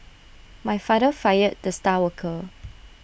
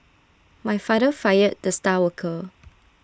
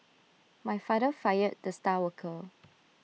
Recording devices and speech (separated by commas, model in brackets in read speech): boundary microphone (BM630), standing microphone (AKG C214), mobile phone (iPhone 6), read sentence